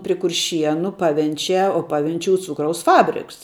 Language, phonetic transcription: Lithuanian, pri kurˈšienu ˈpavenčiā o ˈpavenčiūs ˈcūkraus ˈfabriks

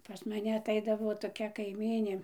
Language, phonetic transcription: Lithuanian, pas maˈne atˈaidavo toˈkia kaiˈmynė

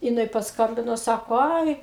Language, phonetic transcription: Lithuanian, jiˈnai pasˈkambino ˈsako ˈai

